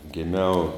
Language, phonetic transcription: Lithuanian, giˈmiau

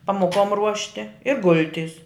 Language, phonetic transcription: Lithuanian, pamoˈkom ˈruošti i ˈgulˌtis

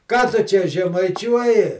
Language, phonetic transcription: Lithuanian, ˈką tu ˈčia žemaiˈčiuoji

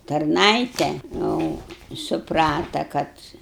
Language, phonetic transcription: Lithuanian, tarˈnaite jau suˈprata ˈkad

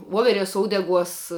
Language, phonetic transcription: Lithuanian, ˈvoveˌres ˈoudeˌguos

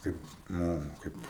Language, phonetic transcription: Lithuanian, ˈkaip ˈnū ˈkaip

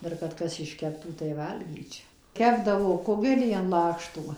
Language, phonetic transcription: Lithuanian, ˈdar kad ˈkas išˈkeptų tai ˈvalgyčia ˈkepdavo ˈkugelį an ˈlakštų

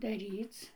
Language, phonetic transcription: Lithuanian, daˈryc

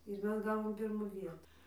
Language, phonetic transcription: Lithuanian, ir ˈmes ˈgavom ˈpirmu ˈvietu

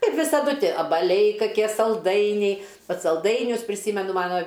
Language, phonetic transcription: Lithuanian, ˈkaip visaˈdu ˈtie abaˈliai kaˈkie salˈdainiai ˈbet salˈdainius priˈsymenu ˈmano

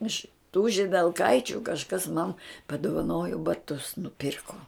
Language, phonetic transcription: Lithuanian, iš tų židelˈkaičiu kažˈkas man paduvaˈnojo baˈtus nuˈpyrko

